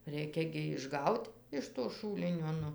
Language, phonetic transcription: Lithuanian, ˈreikia gi išˈgaut' iš to ˈšūlinio ˈnu

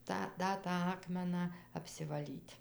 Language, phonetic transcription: Lithuanian, ˈtą ˈda tą ˈakmeną apsivaˈlyt'

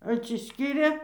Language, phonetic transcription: Lithuanian, atsiˈskyrė

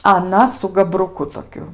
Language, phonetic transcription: Lithuanian, aˈna su gabruˈku toˈkiu

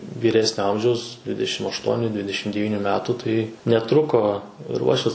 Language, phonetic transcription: Lithuanian, vyˈresnio ˈamžiaus ˈdvideˈšim ašˈtuoniu ˈdvideˈšim deˈvyniu ˈmetų ˈtai neˈtruko ir ˈuošvis

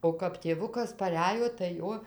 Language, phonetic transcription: Lithuanian, o kap tėˈvukas paˈræjo tai ˈjo

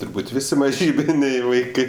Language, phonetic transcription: Lithuanian, turˈbūt' ˈvisi maˈžybiniai vaiˈkɜ

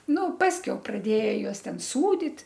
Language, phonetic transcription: Lithuanian, ˈnu ˈpaskiau praˈdėja ˈjuos ˈten ˈsūdit

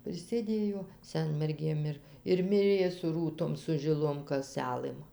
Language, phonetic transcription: Lithuanian, ir sėˈdėjo ˈsenmergėm ˈir ir ˈmirė su ˈrūtom su žiˈlom kaˈsælɘm

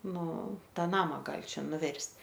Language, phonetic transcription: Lithuanian, ˈnu ˈtą ˈnama ˈgal' ˈčia nuˈverst'

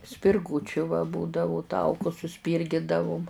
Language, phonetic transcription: Lithuanian, spirˈgūčiu va ˈbūdavu ˈtaukus suˈspyrgidavum

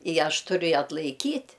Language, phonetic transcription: Lithuanian, i ˈaš ˈturiu i atlaiˈkyt'

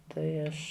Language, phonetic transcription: Lithuanian, ˈtai ˈaš

